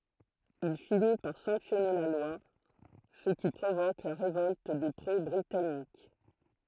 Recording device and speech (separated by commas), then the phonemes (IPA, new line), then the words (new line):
throat microphone, read sentence
il fini paʁ sɑ̃ksjɔne la lwa sə ki pʁovok la ʁevɔlt de pʁo bʁitanik
Il finit par sanctionner la loi, ce qui provoque la révolte des pro-britanniques.